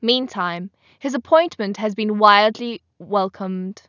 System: none